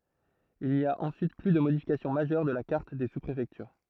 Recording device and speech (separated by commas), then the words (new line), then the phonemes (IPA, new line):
throat microphone, read sentence
Il n'y a ensuite plus de modification majeure de la carte des sous-préfectures.
il ni a ɑ̃syit ply də modifikasjɔ̃ maʒœʁ də la kaʁt de suspʁefɛktyʁ